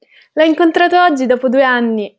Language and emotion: Italian, happy